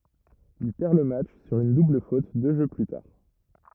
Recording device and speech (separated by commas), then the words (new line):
rigid in-ear microphone, read sentence
Il perd le match sur une double faute deux jeux plus tard.